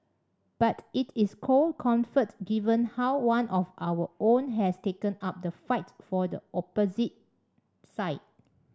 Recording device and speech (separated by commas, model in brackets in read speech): standing microphone (AKG C214), read sentence